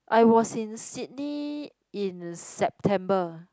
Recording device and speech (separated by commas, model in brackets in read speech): close-talking microphone, conversation in the same room